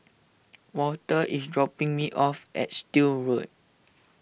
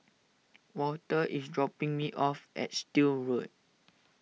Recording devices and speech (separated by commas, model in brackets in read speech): boundary microphone (BM630), mobile phone (iPhone 6), read sentence